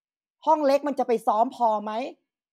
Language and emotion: Thai, frustrated